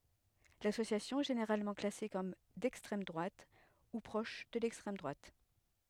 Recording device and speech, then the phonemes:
headset microphone, read sentence
lasosjasjɔ̃ ɛ ʒeneʁalmɑ̃ klase kɔm dɛkstʁɛm dʁwat u pʁɔʃ də lɛkstʁɛm dʁwat

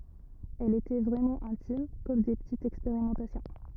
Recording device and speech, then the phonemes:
rigid in-ear microphone, read sentence
ɛlz etɛ vʁɛmɑ̃ ɛ̃tim kɔm de pətitz ɛkspeʁimɑ̃tasjɔ̃

